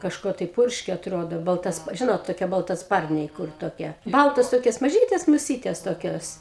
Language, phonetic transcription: Lithuanian, kažˈkuo tai ˈpurškė atˈrodo balˈtas ˈžinot toˈkie baltaˈsparniai ˈkur toˈkie ˈbaltos ˈtokios maˈžytes muˈsytes toˈkios

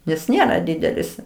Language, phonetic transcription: Lithuanian, nes ˈnėra ˈdidelis

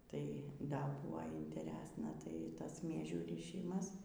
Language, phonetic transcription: Lithuanian, ˈtai ˈda ˈbuo inteˈresna tai ˈtas ˈmiežių ryˈšymas

